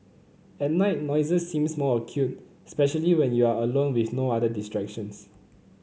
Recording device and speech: mobile phone (Samsung C9), read sentence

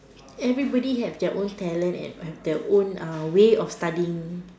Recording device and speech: standing microphone, conversation in separate rooms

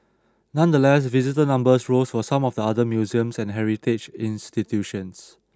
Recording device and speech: standing microphone (AKG C214), read sentence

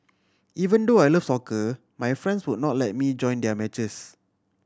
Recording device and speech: standing microphone (AKG C214), read sentence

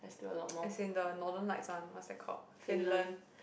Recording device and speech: boundary microphone, conversation in the same room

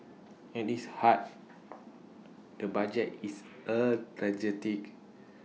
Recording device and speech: mobile phone (iPhone 6), read sentence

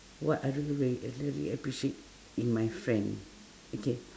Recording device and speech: standing microphone, conversation in separate rooms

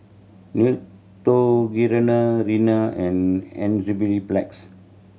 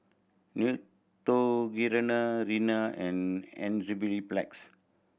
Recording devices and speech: mobile phone (Samsung C7100), boundary microphone (BM630), read sentence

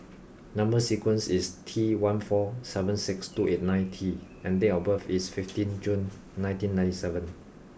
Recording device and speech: boundary microphone (BM630), read sentence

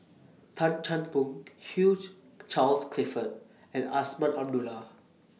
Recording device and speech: mobile phone (iPhone 6), read sentence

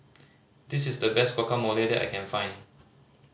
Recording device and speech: mobile phone (Samsung C5010), read sentence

